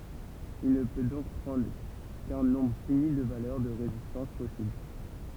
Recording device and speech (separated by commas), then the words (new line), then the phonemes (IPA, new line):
temple vibration pickup, read sentence
Il ne peut donc prendre qu'un nombre fini de valeurs de résistances possibles.
il nə pø dɔ̃k pʁɑ̃dʁ kœ̃ nɔ̃bʁ fini də valœʁ də ʁezistɑ̃s pɔsibl